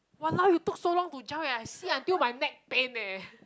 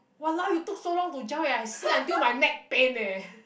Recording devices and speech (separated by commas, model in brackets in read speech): close-talking microphone, boundary microphone, conversation in the same room